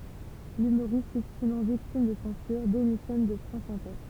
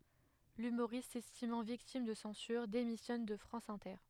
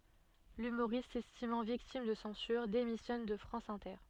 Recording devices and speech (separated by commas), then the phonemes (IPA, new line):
temple vibration pickup, headset microphone, soft in-ear microphone, read sentence
lymoʁist sɛstimɑ̃ viktim də sɑ̃syʁ demisjɔn də fʁɑ̃s ɛ̃tɛʁ